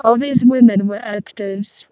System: VC, vocoder